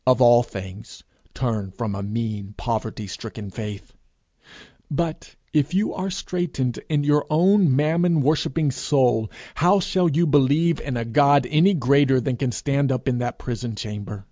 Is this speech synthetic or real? real